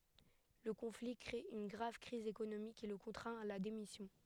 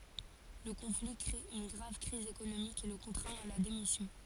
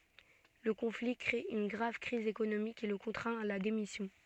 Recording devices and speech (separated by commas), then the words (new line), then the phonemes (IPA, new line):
headset microphone, forehead accelerometer, soft in-ear microphone, read sentence
Le conflit crée une grave crise économique qui le contraint à la démission.
lə kɔ̃fli kʁe yn ɡʁav kʁiz ekonomik ki lə kɔ̃tʁɛ̃t a la demisjɔ̃